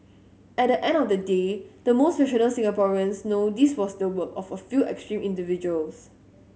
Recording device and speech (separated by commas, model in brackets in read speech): mobile phone (Samsung S8), read sentence